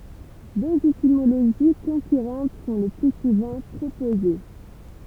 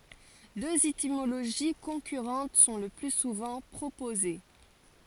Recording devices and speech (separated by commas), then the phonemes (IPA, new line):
temple vibration pickup, forehead accelerometer, read sentence
døz etimoloʒi kɔ̃kyʁɑ̃t sɔ̃ lə ply suvɑ̃ pʁopoze